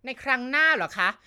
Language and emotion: Thai, angry